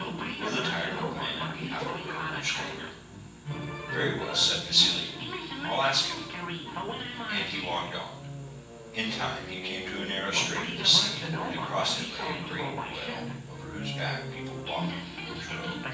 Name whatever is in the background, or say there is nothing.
A television.